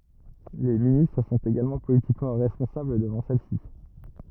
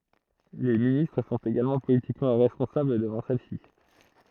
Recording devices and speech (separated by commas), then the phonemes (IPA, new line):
rigid in-ear microphone, throat microphone, read sentence
le ministʁ sɔ̃t eɡalmɑ̃ politikmɑ̃ ʁɛspɔ̃sabl dəvɑ̃ sɛl si